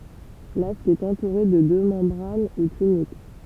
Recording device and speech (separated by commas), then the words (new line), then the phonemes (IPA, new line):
temple vibration pickup, read sentence
L'asque est entouré de deux membranes ou tuniques.
lask ɛt ɑ̃tuʁe də dø mɑ̃bʁan u tynik